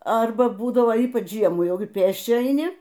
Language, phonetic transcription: Lithuanian, ˈarba ˈbūdavo ˈypač ˈžiemų ˈjaugi ˈpėsčia aiˈni

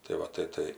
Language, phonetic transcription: Lithuanian, tai ˈva tai ˈtai

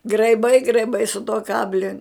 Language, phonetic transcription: Lithuanian, graiˈbai graiˈbai su tuo ˈkabli

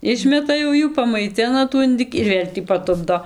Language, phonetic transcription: Lithuanian, ˈišmeta jau ˈjų pamaiˈtina tų inˈdɨki ir ˈvėl' tį paˈtupdo

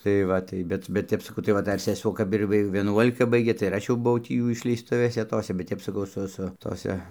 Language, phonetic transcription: Lithuanian, tai ˈva tai ˈbet bet ˈtep saˈkau tai ˈva ˈdar seˈsuo ˈkap ir ˈvi vieˈnuolika ˈbaigė tai ir ˈaš jau buˈvau ˈtį ˈjų išleisˈtuvėse ˈtose bet ˈtep saˈkau ˈsu ˈsu toˈse

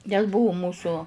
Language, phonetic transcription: Lithuanian, nes ˈbuvu ˈmūsu

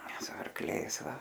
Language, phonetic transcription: Lithuanian, su arkˈliais ˈva

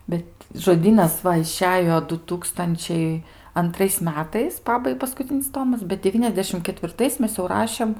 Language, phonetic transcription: Lithuanian, ˈbet žoˈdynas ˈva iˈšejo du ˈtūkstančiai anˈtrais ˈmetais ˈpabai paskuˈcinis ˈtomas bet deˈvyniasdešim ketvirˈtais ˈmes jau ˈrašėm

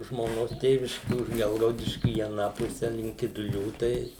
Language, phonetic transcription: Lithuanian, žmoˈnos ˈtėviški už ˈgelgaudiškiu į aˈną ˈpuse link kiduˈlių ˈtai

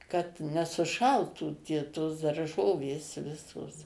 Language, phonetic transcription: Lithuanian, kad nesuˈšaltų tie tos darˈžovės ˈvisos

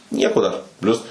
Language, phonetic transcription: Lithuanian, ˈnieko dar ˈplius

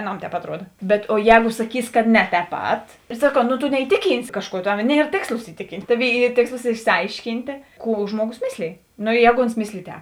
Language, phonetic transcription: Lithuanian, aˈnam tēp atˈruoda bet o ˈjēgu saˈkys ka ne tēp ˈpat ir saˈkau no to neiˈtiˌkynsi ˈkažˌkuo ˈtav ˈnier ˈtėkslos iˈtiˌkynt' ˈtaˌvėi ˈy ˈtėkslos išsiˈaišˌkyntė ˈkų ˈžmuoˌgos ˈmislėj no i ˈjēgo ons ˈmislėj ˈtēp

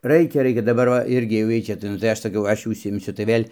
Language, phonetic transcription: Lithuanian, ˈraikia ˈraikia daˈbar va ˈirgi jau ˈjiej čia tai nu tai ˈaš saˈkau ˈaš jau užsiimˈsiu tai ˈvėl'

